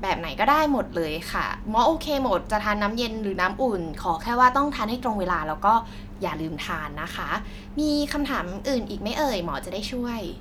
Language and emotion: Thai, neutral